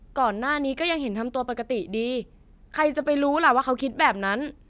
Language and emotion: Thai, frustrated